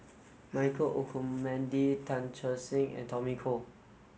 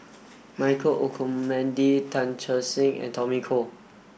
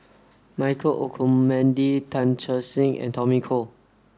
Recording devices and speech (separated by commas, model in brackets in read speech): mobile phone (Samsung S8), boundary microphone (BM630), standing microphone (AKG C214), read sentence